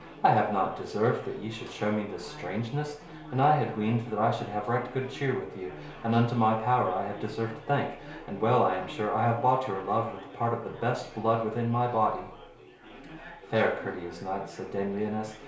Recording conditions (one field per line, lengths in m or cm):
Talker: one person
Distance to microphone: 1.0 m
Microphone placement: close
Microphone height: 1.1 m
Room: small (3.7 m by 2.7 m)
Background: babble